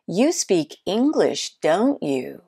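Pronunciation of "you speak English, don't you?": The intonation drops to a lower pitch and goes down at the end, on the tag 'don't you'. This falling tag sounds like the speaker is pretty sure of the answer.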